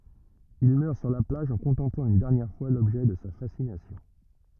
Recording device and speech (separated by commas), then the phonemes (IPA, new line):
rigid in-ear microphone, read sentence
il mœʁ syʁ la plaʒ ɑ̃ kɔ̃tɑ̃plɑ̃ yn dɛʁnjɛʁ fwa lɔbʒɛ də sa fasinasjɔ̃